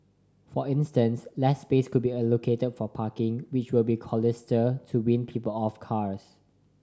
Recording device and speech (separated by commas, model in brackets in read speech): standing microphone (AKG C214), read sentence